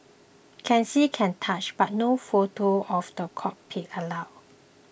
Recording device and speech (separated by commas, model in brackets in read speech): boundary microphone (BM630), read sentence